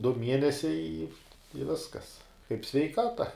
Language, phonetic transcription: Lithuanian, du ˈmienesiai i i ˈviskas kaip sveiˈkata

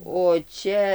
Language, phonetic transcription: Lithuanian, o ˈčia

